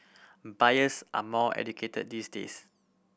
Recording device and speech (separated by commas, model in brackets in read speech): boundary microphone (BM630), read sentence